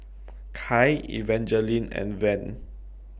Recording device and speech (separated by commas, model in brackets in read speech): boundary microphone (BM630), read sentence